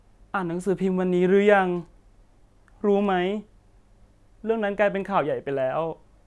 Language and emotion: Thai, sad